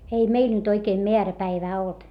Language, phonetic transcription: Finnish, ei meil nyt ‿oikee meäräpäivää olt .
- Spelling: ei meillä nyt oikein määräpäivää ollut

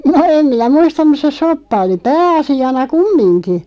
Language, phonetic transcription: Finnish, no 'em minä "muistaᵐ mus se 'soppa 'oli "pää₍asi₍ana "kummiŋki .
- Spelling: no en minä muista mutta se soppa oli pääasiana kumminkin

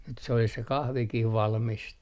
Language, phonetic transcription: Finnish, nyt se olis se "kahvikih 'valmist .
- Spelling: nyt se olisi se kahvikin valmista

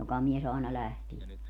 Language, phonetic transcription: Finnish, 'jokamies ‿aena 'lähtie .
- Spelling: jokamies aina lähtee

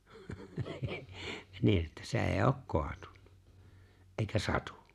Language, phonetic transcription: Finnish, 'niin̬ että "s ‿e̬e̬ⁱj'j ‿ok 'koatunnᴀ , '’èikä "satᴜ .
- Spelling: niin että se ei ole kaatunut eikä satu

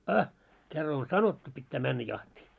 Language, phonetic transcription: Finnish, a , 'kerra on "sanottu pittää 'männä 'jahtii .
- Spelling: a kerran on sanottu pitää mennä jahtiin

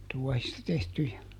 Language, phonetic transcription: Finnish, ˈtuɔhista tehtyjä .
- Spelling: tuohista tehtyjä

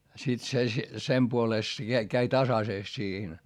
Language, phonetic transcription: Finnish, sit se , sem puolèst se käi käi tasasèst siihen .
- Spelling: sitten se sen puolesta se kävi kävi tasaisesti siihen

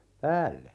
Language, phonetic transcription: Finnish, 'päälle .
- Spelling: päälle

